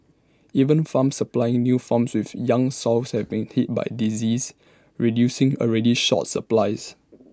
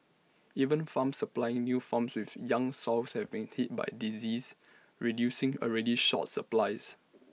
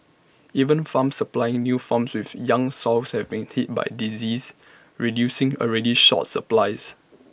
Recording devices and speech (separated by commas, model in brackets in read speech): standing microphone (AKG C214), mobile phone (iPhone 6), boundary microphone (BM630), read sentence